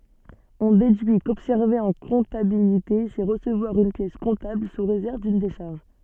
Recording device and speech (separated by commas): soft in-ear microphone, read sentence